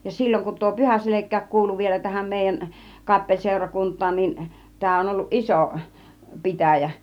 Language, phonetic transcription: Finnish, ja 'sil͕l͕oŋ kun tuo 'Pyhäselek̆kääk 'kuulu vielä tähäm 'mèijän , 'kappeĺsèurakunt̆taan nin , 'tää on olluˀ "ˀisò , "pitä̀jä .
- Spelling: ja silloin kun tuo Pyhäselkäkin kuului vielä tähän meidän kappeliseurakuntaan niin tämä on ollut iso pitäjä

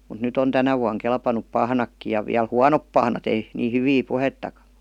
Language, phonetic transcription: Finnish, mut 'nyt ‿on 'tänä vuaŋ kelpanup "pahnakki ja viäl "huanop pahnat , ei , nii 'hyvii "puhettakA .
- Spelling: mutta nyt on tänä vuonna kelvannut pahnatkin ja vielä huonot pahnat ei niin hyviä puhettakaan

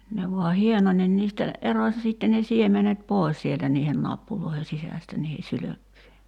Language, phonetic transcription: Finnish, ne vua 'hieno(n) nin niistä , 'eroⁱ sìtte ne 'siemenet "pòes sieltä niihen 'nappuloihe 'sisästä niihe "sylökkyje .
- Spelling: ne vain hienoni niin niistä erosi sitten ne siemenet pois sieltä niiden nappuloiden sisästä niiden sylkkyjen

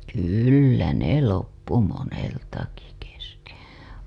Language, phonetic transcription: Finnish, kyllä ne 'loppu 'moneltaki keske .
- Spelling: kyllä ne loppui moneltakin kesken

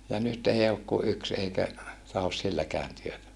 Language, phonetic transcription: Finnish, ja nyt ei ok ku yks eikä , tahos silläkään työtä .
- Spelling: ja nyt ei ole kuin yksi eikä tahdo silläkään työtä

